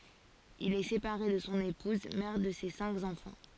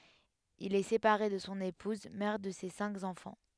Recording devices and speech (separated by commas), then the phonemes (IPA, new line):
forehead accelerometer, headset microphone, read sentence
il ɛ sepaʁe də sɔ̃ epuz mɛʁ də se sɛ̃k ɑ̃fɑ̃